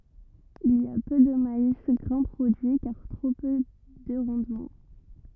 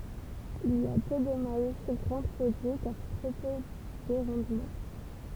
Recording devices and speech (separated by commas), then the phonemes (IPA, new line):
rigid in-ear microphone, temple vibration pickup, read sentence
il i a pø də mais ɡʁɛ̃ pʁodyi kaʁ tʁo pø də ʁɑ̃dmɑ̃